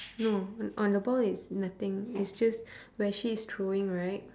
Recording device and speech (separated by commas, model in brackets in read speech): standing microphone, conversation in separate rooms